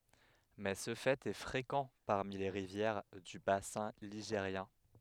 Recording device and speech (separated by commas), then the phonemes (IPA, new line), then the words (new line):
headset microphone, read sentence
mɛ sə fɛt ɛ fʁekɑ̃ paʁmi le ʁivjɛʁ dy basɛ̃ liʒeʁjɛ̃
Mais ce fait est fréquent parmi les rivières du bassin ligérien.